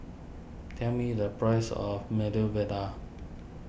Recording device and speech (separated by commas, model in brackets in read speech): boundary microphone (BM630), read sentence